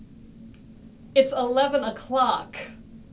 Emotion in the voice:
disgusted